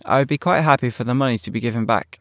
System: none